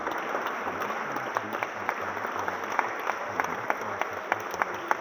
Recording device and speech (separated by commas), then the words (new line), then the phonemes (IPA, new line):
rigid in-ear microphone, read sentence
Les dictionnaires anglais quant à eux indiquent que les deux prononciations sont possibles.
le diksjɔnɛʁz ɑ̃ɡlɛ kɑ̃t a øz ɛ̃dik kə le dø pʁonɔ̃sjasjɔ̃ sɔ̃ pɔsibl